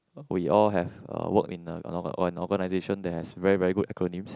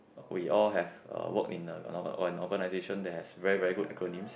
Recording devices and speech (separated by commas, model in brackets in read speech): close-talking microphone, boundary microphone, conversation in the same room